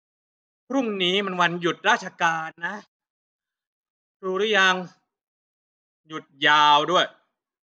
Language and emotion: Thai, frustrated